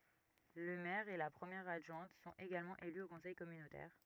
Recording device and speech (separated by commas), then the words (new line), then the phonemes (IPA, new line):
rigid in-ear microphone, read sentence
Le maire et la première adjointe sont également élus au conseil communautaire.
lə mɛʁ e la pʁəmjɛʁ adʒwɛ̃t sɔ̃t eɡalmɑ̃ ely o kɔ̃sɛj kɔmynotɛʁ